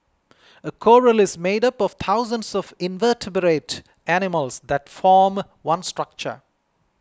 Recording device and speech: close-talking microphone (WH20), read sentence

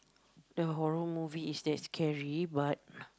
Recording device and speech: close-talking microphone, conversation in the same room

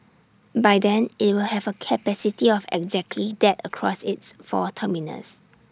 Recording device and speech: standing microphone (AKG C214), read sentence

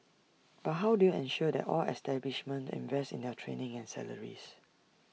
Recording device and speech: mobile phone (iPhone 6), read sentence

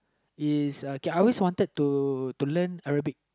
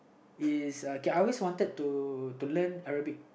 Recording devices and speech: close-talking microphone, boundary microphone, conversation in the same room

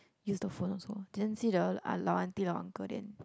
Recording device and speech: close-talking microphone, conversation in the same room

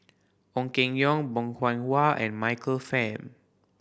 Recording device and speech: boundary microphone (BM630), read sentence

